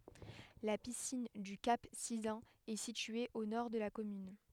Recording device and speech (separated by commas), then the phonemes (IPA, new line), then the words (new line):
headset microphone, read sentence
la pisin dy kap sizœ̃n ɛ sitye o nɔʁ də la kɔmyn
La piscine du Cap Sizun est située au nord de la commune.